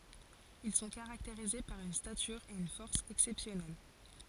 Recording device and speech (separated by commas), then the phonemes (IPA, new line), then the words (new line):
forehead accelerometer, read sentence
il sɔ̃ kaʁakteʁize paʁ yn statyʁ e yn fɔʁs ɛksɛpsjɔnɛl
Ils sont caractérisés par une stature et une force exceptionnelle.